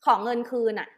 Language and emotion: Thai, angry